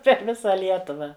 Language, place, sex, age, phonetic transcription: Lithuanian, Žemaitija, female, 60+, per ˈvisa ˈlietuva

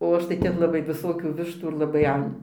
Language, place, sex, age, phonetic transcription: Lithuanian, Dzūkija, female, 60+, o ˈaš tai ˈten laˈbai viˈsokių ˈvištų ir laˈbai ˈan

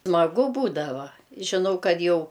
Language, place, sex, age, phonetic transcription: Lithuanian, Aukštaitija, female, 60+, smaˈgu ˈbūdava žiˈnau ˈkad ˈjau

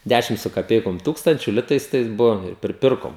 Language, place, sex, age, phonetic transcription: Lithuanian, Žemaitija, male, 18-60, ˈdæšim su kaˈpeikom ˈtūkstančiu ˈlitais ˈtais ˈbuvom ir priˈpirkom

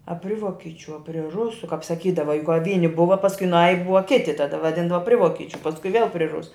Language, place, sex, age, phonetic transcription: Lithuanian, Žemaitija, female, 60+, a ˈpri ˈvokičiu a pri ˈrusu kap saˈkydava juk ka ˈvyni ˈbuva pasˈkui ˈnaji ˈbuva ˈkiti taˈda vaˈdindava ˈpri ˈvokičiu pasˈkui vėl pri ˈrusu

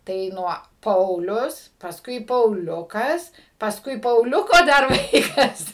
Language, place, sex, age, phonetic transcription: Lithuanian, Suvalkija, female, 60+, tai ˈnuo ˈpaulius pasˈkui pauˈliukas pasˈkui pauˈliuko ˈdar ˈvaikas

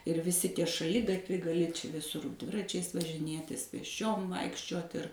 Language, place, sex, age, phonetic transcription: Lithuanian, Suvalkija, female, 60+, ir viˈsi ˈtie šaˈligatviai gaˈli čia viˈsur ˈdviračiais važiˈnėtis pėsˈčiom ˈvaikščiuot ir

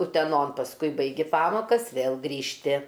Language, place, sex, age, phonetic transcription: Lithuanian, Aukštaitija, female, 60+, uteˈnon pasˈkui baiˈgi ˈpamokas ˈvėl grįžˈti

